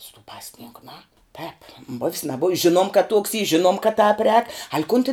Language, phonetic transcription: Lithuanian, su tų ˈpasˌninku ˈnu ˈtēp buv's naˈbuv's ˈžinuom kad tuoks y ˈžinuom kad tāp rēk al' kun tin

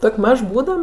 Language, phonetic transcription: Lithuanian, ˈtok' ˈmaž ˈbūdam

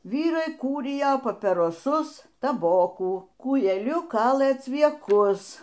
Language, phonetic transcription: Lithuanian, ˈvyrai ˈkūrijo papiroˈsus taˈbokų kūjeˈliuˈkalɘ cvieˈkus

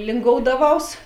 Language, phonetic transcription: Lithuanian, linˈgoudaˌvaus

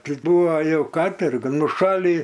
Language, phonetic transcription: Lithuanian, ˈti ˈbuvo ˈjau kaˈtorga nuˈšalį

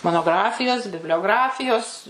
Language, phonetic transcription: Lithuanian, monoˈgrafijos biblioˈgrafijos

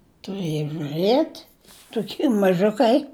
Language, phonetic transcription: Lithuanian, tuˈrɘjo žuˈrɘt' tuˈky maˈžukai

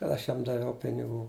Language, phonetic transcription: Lithuanian, kad ˈaš ˈjam daˈviau piniˈgų

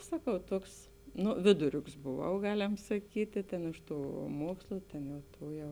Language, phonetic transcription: Lithuanian, ˈsaˌkau ˈtuoks ˈnu ˈviduˌriuks boˌvau ˈgaˌlem saˈkytė tėn ˈiš ˌtų ˈmuokslu ˈtėn jau ˈtų jau

